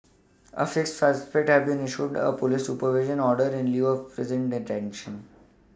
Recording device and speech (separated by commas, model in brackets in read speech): standing microphone (AKG C214), read sentence